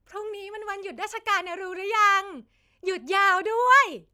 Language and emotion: Thai, happy